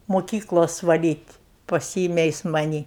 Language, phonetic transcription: Lithuanian, moˈkyklos vaˈlyt' paˈsyime ˈjis maˈnį

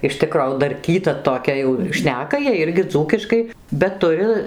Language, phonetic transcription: Lithuanian, iš ˈtikro jau darˈkyta toˈkia jau ˈšneka jiej ˈirgi ˈdzūkiškai bet ˈturi

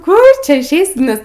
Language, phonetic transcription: Lithuanian, ˈkur ˈčia išˈeisi ˈnes

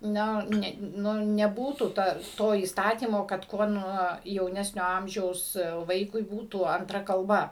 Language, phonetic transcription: Lithuanian, ˈnio ˈne ˈnu neˈbūtų ˈta ˈto įsˈtatymo kad ˈkuo ˈnuo jauˈnesnio ˈamžiaus ˈvaikui ˈbūtų anˈtra kalˈba

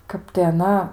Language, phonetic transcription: Lithuanian, ˈkap tai aˈna

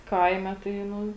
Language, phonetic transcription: Lithuanian, ˈkaime tai ˈnu

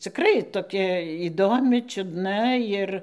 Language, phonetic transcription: Lithuanian, cikˈrai toˈkia įˈdomi čiudˈna ˈjir

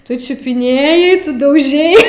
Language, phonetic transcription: Lithuanian, tu čiupiˈnėjai ˈtu dauˈžei

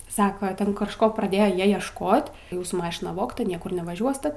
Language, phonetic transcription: Lithuanian, ˈsaka ˈten kažˈko praˈdėjo ˈjie iešˈkot ˈjūsų ˈmašina ˈvogta ˈniekur nevaˈžiuoste

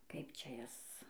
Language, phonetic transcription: Lithuanian, ˈkaip ˈčia ˈjas

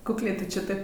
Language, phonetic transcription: Lithuanian, kukˈlė ˈtu ˈčė ˈtaip

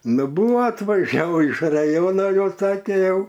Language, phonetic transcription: Lithuanian, ˈnu ˈbuvo atvaˈžiavo iš raˈjono ˈjau ˈsake ˈjau

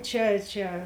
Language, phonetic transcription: Lithuanian, ˈčia ˈčia

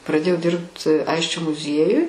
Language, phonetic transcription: Lithuanian, praˈdėjau ˈdirbt ˈaisčio muˈziejuj

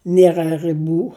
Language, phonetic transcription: Lithuanian, ˈniera rɨˈbų

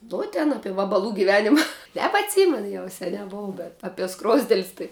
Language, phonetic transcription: Lithuanian, ˈnu tin ˈape vabaˈlų giˈvenima nebatˈsymen ˈjau seˈniā ˈbov bet apie ˈskrozdel's' tai

